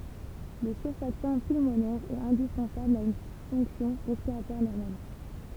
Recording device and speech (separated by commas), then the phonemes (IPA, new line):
temple vibration pickup, read sentence
lə syʁfaktɑ̃ pylmonɛʁ ɛt ɛ̃dispɑ̃sabl a yn fɔ̃ksjɔ̃ ʁɛspiʁatwaʁ nɔʁmal